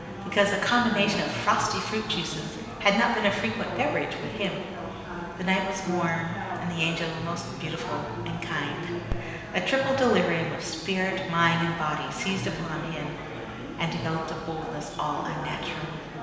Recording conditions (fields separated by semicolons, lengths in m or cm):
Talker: one person; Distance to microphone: 1.7 m; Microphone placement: close; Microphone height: 1.0 m; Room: very reverberant, large; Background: babble